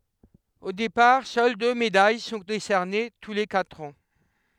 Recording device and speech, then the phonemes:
headset microphone, read sentence
o depaʁ sœl dø medaj sɔ̃ desɛʁne tu le katʁ ɑ̃

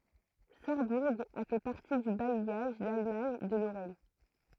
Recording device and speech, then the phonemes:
throat microphone, read sentence
saʁbuʁ a fɛ paʁti dy bajjaʒ dalmaɲ də loʁɛn

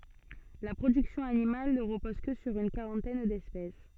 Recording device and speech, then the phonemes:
soft in-ear microphone, read sentence
la pʁodyksjɔ̃ animal nə ʁəpɔz kə syʁ yn kaʁɑ̃tɛn dɛspɛs

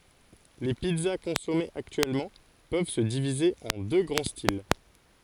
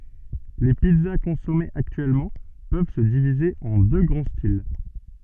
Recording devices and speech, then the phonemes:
forehead accelerometer, soft in-ear microphone, read sentence
le pizza kɔ̃sɔmez aktyɛlmɑ̃ pøv sə divize ɑ̃ dø ɡʁɑ̃ stil

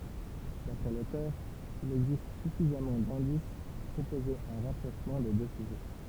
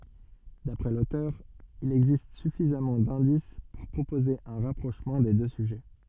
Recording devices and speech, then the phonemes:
temple vibration pickup, soft in-ear microphone, read sentence
dapʁɛ lotœʁ il ɛɡzist syfizamɑ̃ dɛ̃dis puʁ pʁopoze œ̃ ʁapʁoʃmɑ̃ de dø syʒɛ

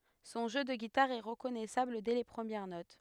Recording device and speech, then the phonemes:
headset microphone, read sentence
sɔ̃ ʒø də ɡitaʁ ɛ ʁəkɔnɛsabl dɛ le pʁəmjɛʁ not

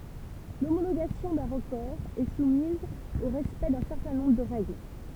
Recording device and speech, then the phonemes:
temple vibration pickup, read sentence
lomoloɡasjɔ̃ dœ̃ ʁəkɔʁ ɛ sumiz o ʁɛspɛkt dœ̃ sɛʁtɛ̃ nɔ̃bʁ də ʁɛɡl

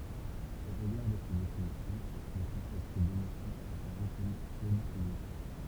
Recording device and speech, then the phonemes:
temple vibration pickup, read sentence
o ʁəɡaʁ də se definisjɔ̃ lə kɔ̃sɛpt demosjɔ̃ apaʁɛ kɔm polisemik

